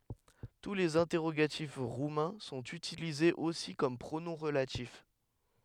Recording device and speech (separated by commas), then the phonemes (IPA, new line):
headset microphone, read sentence
tu lez ɛ̃tɛʁoɡatif ʁumɛ̃ sɔ̃t ytilizez osi kɔm pʁonɔ̃ ʁəlatif